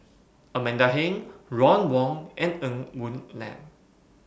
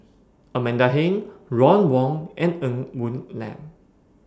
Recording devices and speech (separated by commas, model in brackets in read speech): boundary microphone (BM630), standing microphone (AKG C214), read sentence